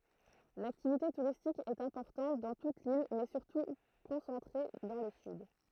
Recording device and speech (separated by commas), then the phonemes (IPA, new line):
throat microphone, read sentence
laktivite tuʁistik ɛt ɛ̃pɔʁtɑ̃t dɑ̃ tut lil mɛ syʁtu kɔ̃sɑ̃tʁe dɑ̃ lə syd